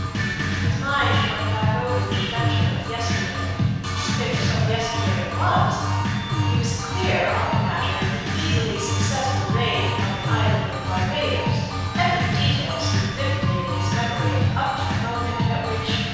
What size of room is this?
A very reverberant large room.